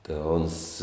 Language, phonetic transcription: Lithuanian, tė ˈons

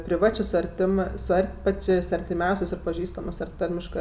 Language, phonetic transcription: Lithuanian, priˈvačė su arˈtimɜ su ˈart' ˈpačės' artiˈmiausės' ar paˈžįstamɜs ar ˈtarmiškɜ

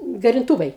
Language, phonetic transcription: Lithuanian, garinˈtūvai

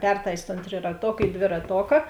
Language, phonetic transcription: Lithuanian, ˈpertais' ton triraˈtok į dviraˈtoka

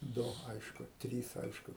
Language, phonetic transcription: Lithuanian, ˈdu ˈaišku ˈtrys ˈaišku

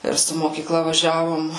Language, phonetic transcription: Lithuanian, ˈir su mokyˈkla vaˈžiavom

